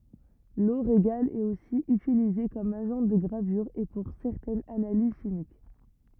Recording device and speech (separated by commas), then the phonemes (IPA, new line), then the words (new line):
rigid in-ear microphone, read sentence
lo ʁeɡal ɛt osi ytilize kɔm aʒɑ̃ də ɡʁavyʁ e puʁ sɛʁtɛnz analiz ʃimik
L'eau régale est aussi utilisée comme agent de gravure et pour certaines analyses chimiques.